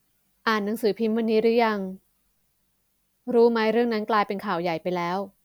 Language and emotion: Thai, neutral